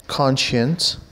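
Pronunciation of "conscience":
'Conscience' is pronounced correctly here.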